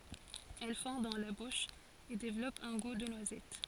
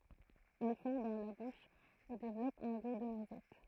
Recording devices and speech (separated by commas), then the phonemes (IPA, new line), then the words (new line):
forehead accelerometer, throat microphone, read sentence
ɛl fɔ̃ dɑ̃ la buʃ e devlɔp œ̃ ɡu də nwazɛt
Elle fond dans la bouche, et développe un goût de noisette.